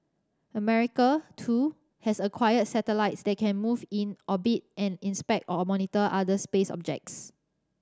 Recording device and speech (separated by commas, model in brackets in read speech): standing microphone (AKG C214), read sentence